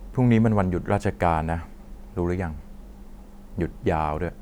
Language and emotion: Thai, frustrated